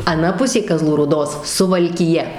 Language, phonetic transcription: Lithuanian, aˈna ˈpusė kaˈzlų rūˈdos suvalkiˈja

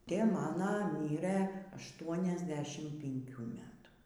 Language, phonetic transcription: Lithuanian, ˈtė ˈmano ˈmyrɘ ašˈtuoniasˌdešim pinˈkių ˈmetų

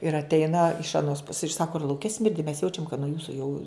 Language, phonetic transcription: Lithuanian, ir atˈeina iš aˈnos pus ir ˈsako ir lauˈke ˈsmirdi mes ˈjaučiam kad nuo ˈjūsu jau

